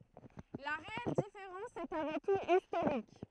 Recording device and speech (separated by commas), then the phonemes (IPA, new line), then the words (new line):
throat microphone, read sentence
la ʁeɛl difeʁɑ̃s ɛt avɑ̃ tut istoʁik
La réelle différence est avant tout historique.